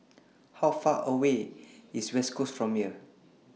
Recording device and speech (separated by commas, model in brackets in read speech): mobile phone (iPhone 6), read sentence